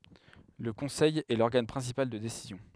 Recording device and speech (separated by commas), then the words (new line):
headset microphone, read sentence
Le Conseil est l'organe principal de décision.